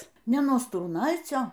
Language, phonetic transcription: Lithuanian, ˈne nuo strūˈnaicio

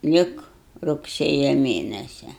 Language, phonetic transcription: Lithuanian, ˈlik rugˈsėja ˈmėnesia

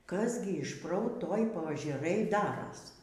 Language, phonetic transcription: Lithuanian, kas ˈgi išˈprou ˈtoj poažeˈrɘj ˈdaros

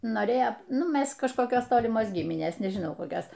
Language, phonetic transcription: Lithuanian, ˈnorėjo ˈnu ˈmes kažkoˈkios ˈtolimos ˈgyminės nežiˈnau koˈkios

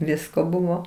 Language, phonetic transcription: Lithuanian, ˈvisko ˈbuvo

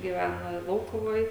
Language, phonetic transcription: Lithuanian, gyˈvæna ˈlaukuvoj

